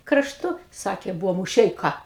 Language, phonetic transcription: Lithuanian, krašˈtu ˈsakė ˈbuvo muˈšeika

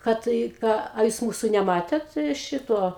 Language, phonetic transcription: Lithuanian, ˈkad i ˈką a ˈjūs ˈmūsu neˈmatėt ˈšituo

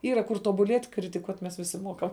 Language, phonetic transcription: Lithuanian, ˈyra kur tuobuˈliet' kritiˈkuot' mes viˈsi ˈmuokam

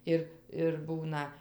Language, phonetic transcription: Lithuanian, ˈir ir ˈbūna

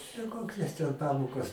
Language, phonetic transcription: Lithuanian, ten ˈkokias ten ˈpamokas

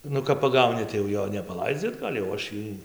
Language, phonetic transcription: Lithuanian, ˈnu kap paˈgauni tai jau ˈjo nepaˈlaidzi atˈgal' jau ˈaš ˈjį

